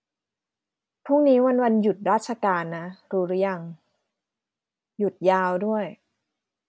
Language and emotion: Thai, neutral